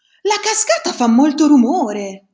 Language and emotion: Italian, surprised